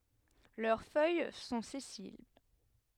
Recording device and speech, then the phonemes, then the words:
headset microphone, read sentence
lœʁ fœj sɔ̃ sɛsil
Leurs feuilles sont sessiles.

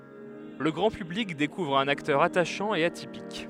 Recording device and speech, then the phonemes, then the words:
headset microphone, read sentence
lə ɡʁɑ̃ pyblik dekuvʁ œ̃n aktœʁ ataʃɑ̃ e atipik
Le grand public découvre un acteur attachant et atypique.

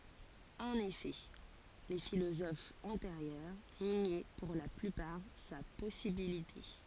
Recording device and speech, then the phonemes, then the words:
forehead accelerometer, read sentence
ɑ̃n efɛ le filozofz ɑ̃teʁjœʁ njɛ puʁ la plypaʁ sa pɔsibilite
En effet, les philosophes antérieurs niaient pour la plupart sa possibilité.

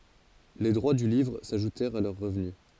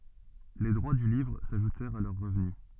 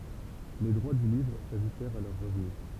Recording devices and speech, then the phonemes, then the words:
forehead accelerometer, soft in-ear microphone, temple vibration pickup, read sentence
le dʁwa dy livʁ saʒutɛʁt a lœʁ ʁəvny
Les droits du livre s'ajoutèrent à leurs revenus.

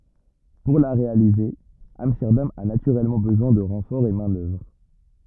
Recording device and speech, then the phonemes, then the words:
rigid in-ear microphone, read sentence
puʁ la ʁealize amstɛʁdam a natyʁɛlmɑ̃ bəzwɛ̃ də ʁɑ̃fɔʁz ɑ̃ mɛ̃ dœvʁ
Pour la réaliser, Amsterdam a naturellement besoin de renforts en main-d'œuvre.

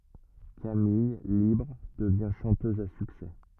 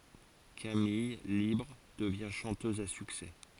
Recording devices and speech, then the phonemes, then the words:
rigid in-ear microphone, forehead accelerometer, read sentence
kamij libʁ dəvjɛ̃ ʃɑ̃tøz a syksɛ
Camille, libre, devient chanteuse à succès.

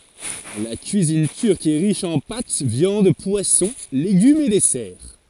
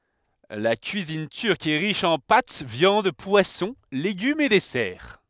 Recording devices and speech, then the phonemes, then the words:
forehead accelerometer, headset microphone, read sentence
la kyizin tyʁk ɛ ʁiʃ ɑ̃ pat vjɑ̃d pwasɔ̃ leɡymz e dɛsɛʁ
La cuisine turque est riche en pâtes, viandes, poissons, légumes et desserts.

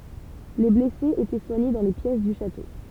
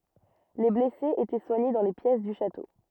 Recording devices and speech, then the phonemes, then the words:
temple vibration pickup, rigid in-ear microphone, read sentence
le blɛsez etɛ swaɲe dɑ̃ le pjɛs dy ʃato
Les blessés étaient soignés dans les pièces du château.

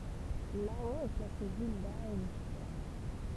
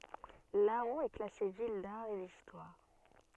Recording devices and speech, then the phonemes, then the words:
temple vibration pickup, soft in-ear microphone, read sentence
lɑ̃ ɛ klase vil daʁ e distwaʁ
Laon est classée ville d'art et d'histoire.

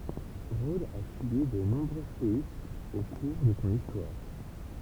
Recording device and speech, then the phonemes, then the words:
temple vibration pickup, read sentence
ʁodz a sybi də nɔ̃bʁø seismz o kuʁ də sɔ̃ istwaʁ
Rhodes a subi de nombreux séismes au cours de son histoire.

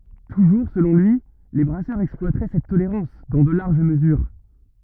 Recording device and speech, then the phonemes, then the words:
rigid in-ear microphone, read sentence
tuʒuʁ səlɔ̃ lyi le bʁasœʁz ɛksplwatʁɛ sɛt toleʁɑ̃s dɑ̃ də laʁʒ məzyʁ
Toujours selon lui, les brasseurs exploiteraient cette tolérance dans de larges mesures.

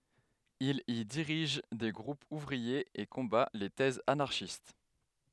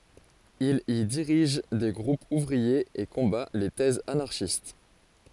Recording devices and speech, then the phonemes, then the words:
headset microphone, forehead accelerometer, read sentence
il i diʁiʒ de ɡʁupz uvʁiez e kɔ̃ba le tɛzz anaʁʃist
Il y dirige des groupes ouvriers et combat les thèses anarchistes.

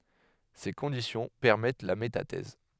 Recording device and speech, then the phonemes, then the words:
headset microphone, read sentence
se kɔ̃disjɔ̃ pɛʁmɛt la metatɛz
Ces conditions permettent la métathèse.

